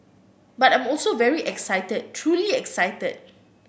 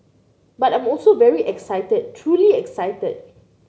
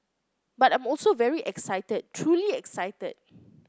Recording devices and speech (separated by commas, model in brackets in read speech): boundary microphone (BM630), mobile phone (Samsung C9), close-talking microphone (WH30), read sentence